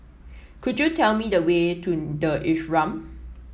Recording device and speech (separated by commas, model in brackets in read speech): mobile phone (iPhone 7), read sentence